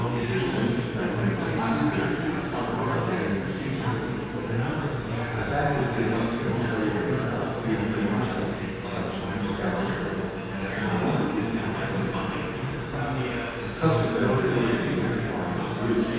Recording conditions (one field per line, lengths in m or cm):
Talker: one person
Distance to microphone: 7.1 m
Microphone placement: far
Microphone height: 1.7 m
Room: very reverberant, large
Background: babble